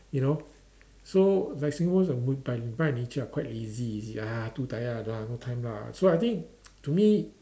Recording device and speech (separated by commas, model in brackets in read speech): standing microphone, conversation in separate rooms